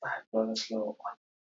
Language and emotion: English, fearful